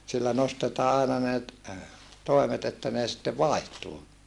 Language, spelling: Finnish, sillä nostetaan aina ne - toimet että ne sitten vaihtuu
- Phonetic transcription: sillä nostetaa aina ne ‿t- , toimet ‿että nee sⁱtte vài̮htuu .

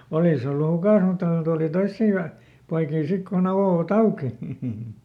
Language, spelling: Finnish, olisi ollut hukassa mutta kun tuli toisia ja poikia sitten kun aukoivat auki
- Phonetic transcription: ˈolìs ‿ollu "hukàs mutta kon ˈtùli "toissii ja , ˈpoikii ˈsik kuˈn ‿avòva"t ‿auki .

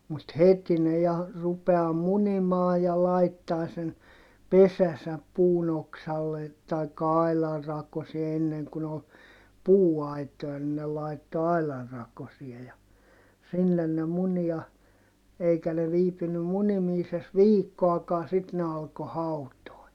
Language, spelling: Finnish, mutta heti ne ja rupeaa munimaan ja laittaa sen pesänsä puun oksalle tai aidan rakoseen ennen kun oli puuaitoja niin ne laittoi aidan rakoseen ja sinne ne muni ja eikä ne viipynyt munimisessa viikkoakaan sitten ne alkoi hautoa
- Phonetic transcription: mut heti ne ja , rupeaa munimaa ja laittaa sen , pesäsäp puun ‿oksalle , taikka ailar rakosie - enneŋ kun ‿ol , puu₍ait̀oja ni ne laitto ailar rakosie ja , sinnen ne muni ja , eikä ne viipynnym munimiises viikkoakaa sit ne alko hautoi̮ .

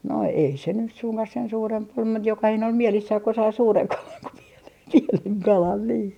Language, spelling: Finnish, no ei se nyt suinkaan sen suurempi ollut mutta jokainen oli mielissään kun sai suuren kalan kun pienen pienen kalan niin
- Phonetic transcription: no ei se nys suŋkah sen 'suuremp ‿ol mut 'jokahine ol "mielissäh ko sai "suureŋ 'kalan ko pienen 'pieneŋ 'kalan nii .

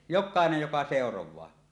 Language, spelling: Finnish, jokainen joka seuraa
- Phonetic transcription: jok̆kaenej 'joka 'sèoroẁaa .

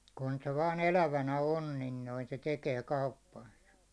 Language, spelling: Finnish, kun se vain elävänä on niin noin se tekee kauppansa
- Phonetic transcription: kun se vaan 'elävänä on nin noi , se 'tekee 'kauppansᴀ .

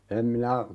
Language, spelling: Finnish, en minä
- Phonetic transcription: 'em minä ,.

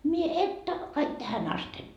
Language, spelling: Finnish, minä että kaikki tähän asti
- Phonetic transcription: mie 'että , kaik tähän 'asten ,.

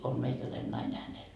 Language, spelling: Finnish, on meikäläinen nainen hänellä
- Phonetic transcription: om 'meikäläin 'naine hänel .

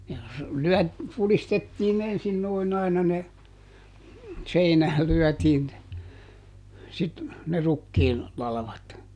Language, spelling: Finnish, ja se - pudistettiin ensin noin aina ne seinään lyötiin ne - ne rukiin latvat
- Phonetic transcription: (ja se "lyɔ̈̀t-) , ˈpulistettiin "ensin nòiˈn ‿aina ne , ˈseinääl ˈlyɔ̈̀tiin ne , sit- , ne ˈrukkiin , ˈlalᵃvat .

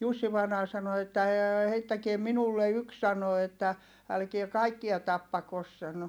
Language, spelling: Finnish, Jussi vainaja sanoi että ei heittäkää minulle yksi sanoi että älkää kaikkia tappako sanoi
- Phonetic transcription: Jussi vainaa sano että » ee heittäkie minulle yks » sano että , » älkie kaikkia tappakos » sano .

